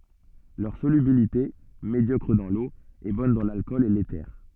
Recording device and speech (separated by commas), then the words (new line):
soft in-ear microphone, read sentence
Leur solubilité, médiocre dans l'eau, est bonne dans l'alcool et l'éther.